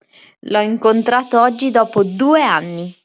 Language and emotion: Italian, happy